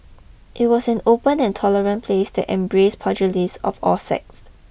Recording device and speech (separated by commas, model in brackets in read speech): boundary microphone (BM630), read sentence